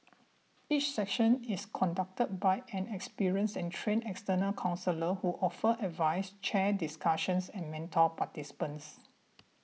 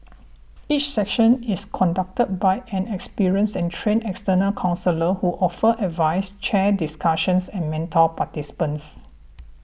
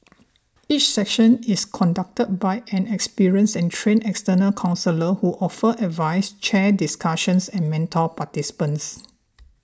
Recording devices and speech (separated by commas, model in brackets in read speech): mobile phone (iPhone 6), boundary microphone (BM630), standing microphone (AKG C214), read sentence